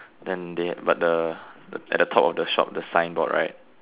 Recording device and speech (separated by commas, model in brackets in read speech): telephone, conversation in separate rooms